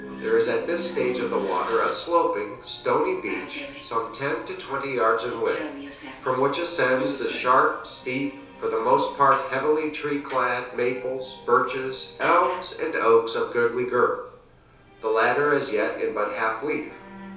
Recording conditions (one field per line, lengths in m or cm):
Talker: one person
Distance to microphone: 3.0 m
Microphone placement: far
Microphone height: 1.8 m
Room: small (3.7 m by 2.7 m)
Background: television